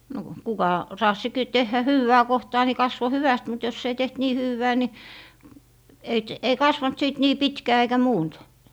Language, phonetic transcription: Finnish, no , 'kuka 'raassi ki - tehhä "hywwää 'kohtaa ni 'kasvo "hyväst mut jos ‿ei 'teht "nii 'hywwää ni , ei t- , 'ei 'kasvant sìt 'nii "pitkää eikä 'muunt .
- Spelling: no kuka raatsi - tehdä hyvää kohtaa niin kasvoi hyvästi mutta jos ei tehty niin hyvää niin ei - ei kasvanut sitten niin pitkää eikä muuta

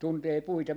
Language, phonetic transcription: Finnish, 'tuntee 'puita .
- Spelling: tuntee puita

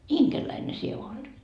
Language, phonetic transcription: Finnish, "iŋkerläine 'sie oot .
- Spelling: inkeriläinen sinä olet

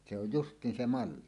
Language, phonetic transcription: Finnish, se oj "just̀iin 'se "malli .
- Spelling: se on justiin se malli

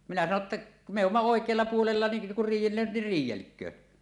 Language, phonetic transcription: Finnish, minä 'sano ‿tta , » mè ‿umma 'òek̀ealla puolella ni , kur "riij̆jellööt nir "riij̆jelk̀öö .
- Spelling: minä sanoin jotta me olemme oikealla puolella niin kun riidellevät niin riidelkööt

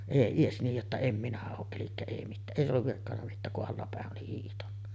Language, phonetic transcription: Finnish, èi 'ies niij jotta » em minä oo’ « ’elikkä ei mittää 'ˀèi olluv virkkanna 'mittääk kuˀ 'ˀallapä̀e’ ’oli hiihtanna .
- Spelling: ei edes niin jotta en minä ole eli ei mitään ei ollut virkkonut mitään kun allapäin oli hiihtänyt

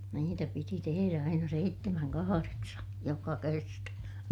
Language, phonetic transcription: Finnish, niitä piti teherä aina seittemäŋ kahareksa , joka kerta .
- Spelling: niitä piti tehdä aina seitsemän kahdeksan joka kerta

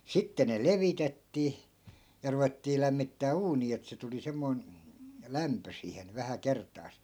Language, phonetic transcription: Finnish, 'sitte ne "levitettii , ja 'ruvettii lämmittää 'uunii et se tuli 'semmoi̮n , 'lämpö siihen 'vähä "kert̆taas .
- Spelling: sitten ne levitettiin ja ruvettiin lämmittämään uunia että se tuli semmoinen lämpö siihen vähän kertaansa

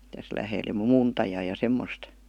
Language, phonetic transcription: Finnish, täs 'lähel , (ja) "muuntajaa ja "semmost .
- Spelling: tässä lähellä ja muuntajaa ja semmoista

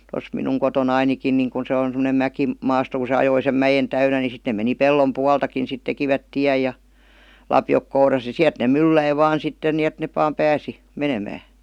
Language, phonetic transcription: Finnish, 'tos minuŋ 'koto'nainikin niŋ ku se on semonem 'mäki- '-maasto ku se 'ajoi sem 'mäjen täynä ni 'sit ne meni "pellom "pualtakin sit tekivät 'tiäj ja , "lapjok 'kouras (ja) "siäˡt nè "mylläi 'vaan 'sitten ni et nep§ vaam "pääsi , 'menemää .
- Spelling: tuossa minun kotonanikin niin kun se on semmoinen - mäkimaasto kun se ajoi sen mäen täynnä niin sitten ne meni pellon puoltakin sitten tekivät tien ja lapiot kourassa ja sieltä ne mylläsi vain sitten niin että ne vain pääsi menemään

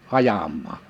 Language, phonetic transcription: Finnish, 'ajammaa .
- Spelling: ajamaan

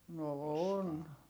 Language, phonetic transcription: Finnish, no on .
- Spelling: no on

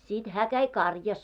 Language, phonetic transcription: Finnish, sit 'hää 'käi "karjas .
- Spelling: sitten hän kävi karjassa

